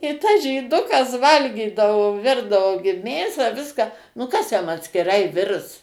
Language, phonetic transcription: Lithuanian, i tas žyˈdukas ˈvalgydavo ˈvirdavo gi ˈmėsą ˈviską nu ˈkas jam atskiˈrai ˈvirs

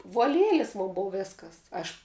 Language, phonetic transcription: Lithuanian, vuo ˈlielis ˈmon ˈbov ˈvėskas ˈaš

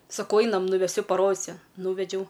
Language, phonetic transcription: Lithuanian, saˈkau ˈainam nuveˈsiu paˈrodisiu ˈnūvedžiau

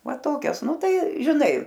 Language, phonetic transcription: Lithuanian, ˈva ˈtokias ˈnu ˈtai žiˈnai

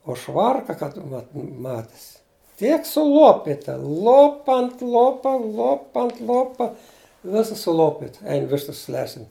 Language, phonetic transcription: Lithuanian, o ˈšvarka kad ˈvat ˈmatis ˈtiek suˈlopita ˈlopa ant ˈlopa ˈlopa ant ˈlopa ˈvisas suˈlopit ˈein ˈvištas ˈlesin

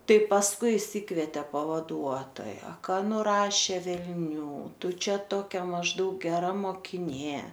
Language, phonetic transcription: Lithuanian, ˈtai pasˈkui išˈsikvetė pavaˈduotoja ˈka nuˈrašė velˈnių ˈtu ˈčia ˈtokia mažˈdaug geˈra mokiˈnė

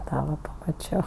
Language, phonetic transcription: Lithuanian, ˈtą va pamaˈčio

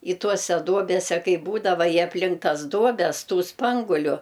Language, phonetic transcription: Lithuanian, i ˈtuose ˈduobese ˈkai ˈbūdava i apˈlink ˈtas ˈduobes ˈtų ˈspanguliu

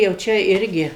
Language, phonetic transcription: Lithuanian, jau ˈčia ˈirgi

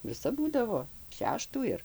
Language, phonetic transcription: Lithuanian, viˈsap ˈbūdavo ˈšeštų ir

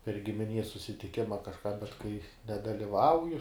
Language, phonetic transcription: Lithuanian, per gimiˈnies susitiˈkima kažˈką bet kai nedaliˈvauju

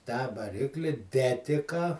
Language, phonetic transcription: Lithuanian, tą vaˈrikli ˈdetika

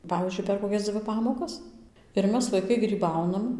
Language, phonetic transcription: Lithuanian, ˈpavyzdžiui per koˈkias ˈdzvi ˈpamokas ir ˈmes vaiˈkai gryˈbaunam

